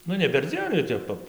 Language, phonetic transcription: Lithuanian, ˈnu ne perˈdzien jau ˈtep pab

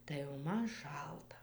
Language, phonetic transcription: Lithuanian, tai jau ˈman ˈšalta

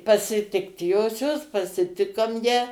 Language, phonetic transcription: Lithuanian, pasiˈtikt ˈjosios pasiˈtikom ją

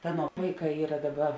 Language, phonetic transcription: Lithuanian, ˈaˌnuo ˈvaiˌkā ˈyra ˈdaˌba

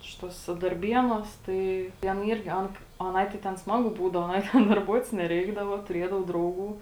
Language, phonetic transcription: Lithuanian, ˈšituose darˈbienuos ˈtai ten ˈyrgi ˈan aˈnai tai ten ˈsmagu ˈbūdavo aˈnai ten darˈbuotis neˈreikdavo tuˈriedavo ˈdrauˌgų

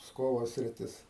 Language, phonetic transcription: Lithuanian, ˈpskovo sriˈtis

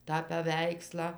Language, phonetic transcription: Lithuanian, tą paˈveikslą

